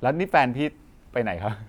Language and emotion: Thai, neutral